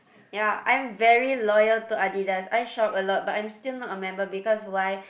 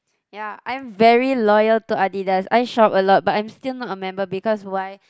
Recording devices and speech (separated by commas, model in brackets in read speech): boundary microphone, close-talking microphone, conversation in the same room